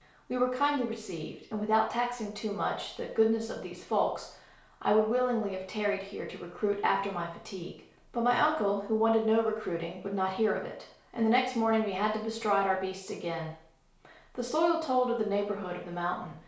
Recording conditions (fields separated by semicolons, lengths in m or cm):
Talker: one person; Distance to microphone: 1.0 m; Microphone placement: close; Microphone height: 1.1 m; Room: small (3.7 m by 2.7 m); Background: none